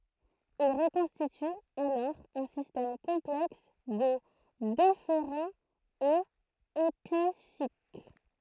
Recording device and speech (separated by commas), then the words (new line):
throat microphone, read sentence
Il reconstitue alors un système complexe de déférents et épicycles.